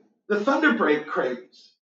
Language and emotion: English, fearful